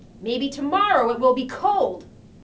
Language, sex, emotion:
English, female, angry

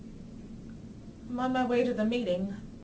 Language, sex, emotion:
English, female, neutral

